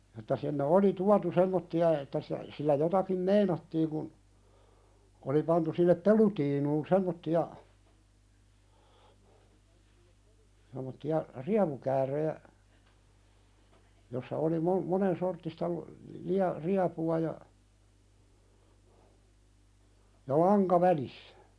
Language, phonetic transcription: Finnish, että sinne "oli "tuatu 'semmotti₍a että si- , sillä 'jotakim "meinattiiŋ kun , oli pantu sinnep "pelutiinuun 'semmotti₍a , sem̆motti₍a "riapukääröjä , jossa oli mon- , monen'sorttista lᵒ- , lia- , 'riapu₍a ja , ja "laŋka välissä .
- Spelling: että sinne oli tuotu semmoisia että - sillä jotakin meinattiin kun oli pantu sinne pelutiinuun semmoisia semmoisia riepukääröjä jossa oli - monensorttista - - riepua ja ja lanka välissä

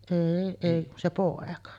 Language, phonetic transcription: Finnish, 'èi èi kun se "pòeka .
- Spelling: ei ei kun se poika

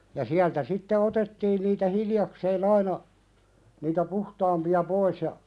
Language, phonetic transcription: Finnish, ja 'siältä sitte 'otettiin niitä "hiljakseen ‿aina , niitä "puhtaampi₍a 'pois ja ,.
- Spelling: ja sieltä sitten otettiin niitä hiljakseen aina niitä puhtaampia pois ja

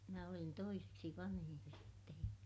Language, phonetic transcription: Finnish, minä olin toiseksi vanhij jo sittej ja ,.
- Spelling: minä olin toiseksi vanhin jo sitten ja

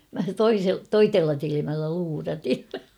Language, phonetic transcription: Finnish, » mä 'toise- "toitella 'tilimällä luuratin̬ . «
- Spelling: minä - toisella silmällä luurasin

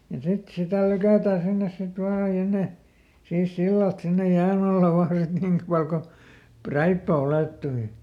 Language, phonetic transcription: Finnish, ja ˈsit "sitä̀ ˈlykä̀tää ˈsinnes sit ˈvaa ja ˈne , siis ˈsillalt sinnej ˈjään ‿alla ˈvaan sit ˈniŋk pal ko , "präippä "ulèttui .
- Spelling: ja sitten sitä lykätään sinne sitten vain ja ne siis sillalta sinne jään alla vain sitten niin paljon kuin räippä ylettyi

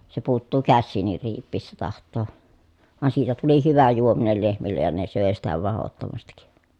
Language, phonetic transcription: Finnish, se puuttuu kässiin̆nir riip̆piissä taht̀oo , van siitä tuli hyvä juominel lehmillej ja ne sö̀e sitä vahottomastik
- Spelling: se puuttuu käsiinkin riipiessä tahtoo vaan siitä tuli hyvä juominen lehmille ja ne söi sitä mahdottomasti

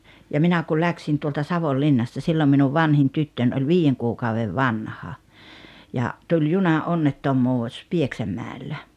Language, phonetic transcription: Finnish, ja 'minä kyl 'läksin tuolta "Savollinnasta 'sillom minuv "vanhin 'tyttöń oĺ "viijeŋ kuukauvev "vanha , ja , tuĺ "juna’onnettom̀uus "Pieksäm̀ä̀ellä .
- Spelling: ja minä kyllä lähdin tuolta Savonlinnasta silloin minun vanhin tyttöni oli viiden kuukauden vanha ja tuli junaonnettomuus Pieksämäellä

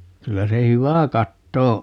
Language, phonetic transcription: Finnish, 'kyllä se "hyvä 'katto o .
- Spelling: kyllä se hyvä katto on

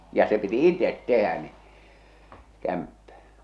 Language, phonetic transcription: Finnish, ja se piti "itet "tehä ni , 'kämppä .
- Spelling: ja se piti itse tehdä niin kämppä

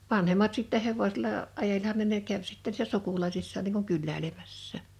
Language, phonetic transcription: Finnish, 'vanhemmat sittɛ 'hevosela , 'ajelhan ne ne 'käv sitte (nii)ssä 'sukulaisissaan niiŋ kuŋ 'kyllä̀ilemässä̀ .
- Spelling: vanhemmat sitten hevosella ajelihan ne ne kävi sitten niissä sukulaisissaan niin kuin kyläilemässä

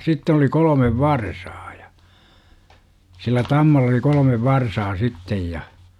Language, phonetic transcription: Finnish, 'sitten ‿oli 'kolomev "varsaa ja , 'sillä "tammalla oli 'kol°mev "varsaa sittej ja ,.
- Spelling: sitten oli kolme varsaa ja sillä tammalla oli kolme varsaa sitten ja

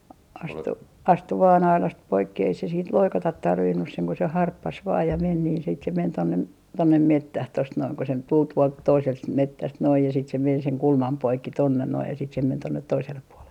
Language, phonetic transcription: Finnish, astu , 'astu vaa'n ‿ailast 'poikki ei se siint "loikatat 'tarvinnus seŋ ko se "harppas 'vaa ja 'men niin sit se 'men 'tonne , "tonnem "mettäh tost noin ko se 'tul 'tuolt 'toiselt s - 'mettäst noij ja sit se men seŋ 'kulmam 'poikki tonnen noi ja sit se men 'tonnet 'toisellep puolen .
- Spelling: astui astui vain aidasta poikki ei se siitä loikata tarvinnut sen kun se harppasi vain ja meni niin sitten se meni tuonne tuonne metsään tuosta noin kun se tuli tuolta toiselta - metsästä noin ja sitten se meni sen kulman poikki tuonne nuo ja sitten se meni tuonne toiselle puolen

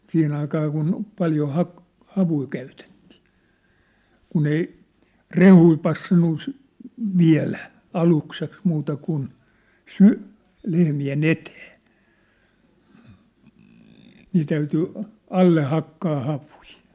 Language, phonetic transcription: Finnish, 'siihen ‿aikaa kun , 'paljo 'hak- , 'havui käytettɪɪ , 'kun ‿ei , "rehui passannu sy- , "viä̭lä , 'alukseks muuta kun , "sy'- , 'lehmi₍e"n ‿etee , nii täyty , 'alle 'hakkaa havui .
- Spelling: siihen aikaan kun paljon - havuja käytettiin kun ei rehuja passannut - viedä aluksi muuta kuin - lehmien eteen niin täytyi alle hakkaa havuja

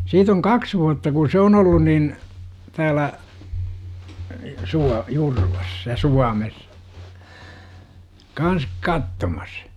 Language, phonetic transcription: Finnish, siit ‿oŋ "kaks vuatta ku 'se on ollun nin , 'täälä , 'Sua- , 'Jurvas , ja "Suames , 'kans , 'kattomas .
- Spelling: siitä on kaksi vuotta kun se on ollut niin täällä - Jurvassa ja Suomessa kanssa katsomassa

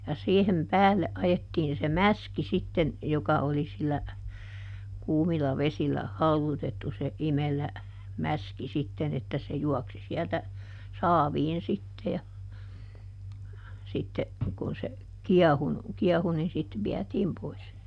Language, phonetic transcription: Finnish, ja ˈsiihem "päälle ˈʼajettiin se "mäski sitten , joka oli sillä , ˈkuumila "vesil̆lä , ˈhauδutettu se ˈimelä , ˈmäski ˈsitten ‿että se ˈjuɔksi siɛltä , "saaviin sitte ja , ˈsitte , kun se , "kiɛhunu , ˈkiɛhu nin ˈsit ˈviɛtiim pois .
- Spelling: ja siihen päälle ajettiin se mäski sitten joka oli sillä kuumilla vesillä haudutettu se imelä mäski sitten että se juoksi sieltä saaviin sitten ja sitten kun se kiehunut kiehui niin sitten vietiin pois

